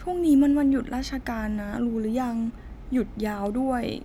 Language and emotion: Thai, sad